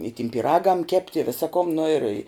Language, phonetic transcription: Lithuanian, i tim pyˈragam ˈkept' i ˈvisa kum nu ir

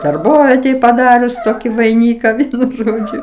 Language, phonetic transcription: Lithuanian, darˈbovietej paˈdarius ˈtoki vaiˈnyka ˈvienu ˈžodžiu

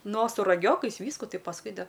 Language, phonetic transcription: Lithuanian, ˈno su raˈgiokais ˈvysku ˈtai pasˈkui da

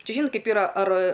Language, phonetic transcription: Lithuanian, ˈčia ˈžynot ˈkaip yˈra ar

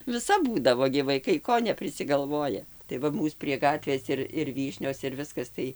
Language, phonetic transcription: Lithuanian, viˈsap ˈbūdavo gi vaiˈkai ˈko neprisigalˈvoja tai ˈva ˈmūs prie ˈgatvės ir ir ˈvyšnios ir ˈviskas tai

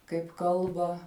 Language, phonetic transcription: Lithuanian, kaip ˈkalba

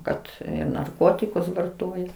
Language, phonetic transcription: Lithuanian, ˈkad narˈkotikus varˈtoja

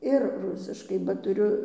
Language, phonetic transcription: Lithuanian, ir ˈrusiškai ba tuˈriu

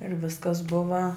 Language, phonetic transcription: Lithuanian, ir ˈviskas ˈbuva

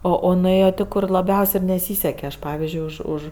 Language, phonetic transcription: Lithuanian, ˈo o nuˈėjo ˈtė ˈkur laˈbiaus' i neˈsyseke ˈaš ˈpavizdžiui ˈuž ˈuž

